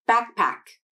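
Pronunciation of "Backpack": In 'backpack', the k at the end of 'back' is unreleased and goes straight into the p of 'pack'.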